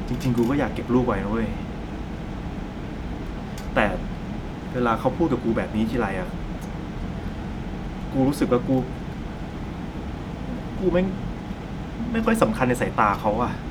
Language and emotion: Thai, frustrated